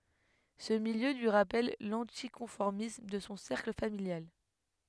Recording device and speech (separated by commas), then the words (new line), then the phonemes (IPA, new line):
headset microphone, read sentence
Ce milieu lui rappelle l'anticonformisme de son cercle familial.
sə miljø lyi ʁapɛl lɑ̃tikɔ̃fɔʁmism də sɔ̃ sɛʁkl familjal